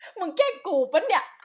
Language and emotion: Thai, happy